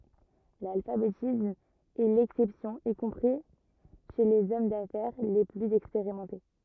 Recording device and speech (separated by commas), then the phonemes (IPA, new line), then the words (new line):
rigid in-ear microphone, read sentence
lalfabetism ɛ lɛksɛpsjɔ̃ i kɔ̃pʁi ʃe lez ɔm dafɛʁ le plyz ɛkspeʁimɑ̃te
L'alphabétisme est l'exception y compris chez les hommes d'affaires les plus expérimentés.